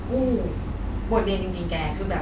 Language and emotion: Thai, frustrated